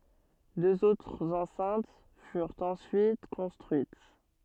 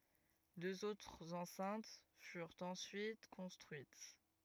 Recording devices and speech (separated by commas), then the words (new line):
soft in-ear microphone, rigid in-ear microphone, read sentence
Deux autres enceintes furent ensuite construites.